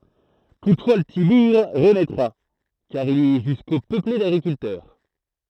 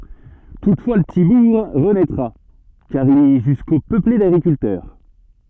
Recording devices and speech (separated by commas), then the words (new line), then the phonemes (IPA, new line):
throat microphone, soft in-ear microphone, read sentence
Toutefois le petit bourg renaîtra, car il est jusqu’au peuplé d’agriculteurs.
tutfwa lə pəti buʁ ʁənɛtʁa kaʁ il ɛ ʒysko pøple daɡʁikyltœʁ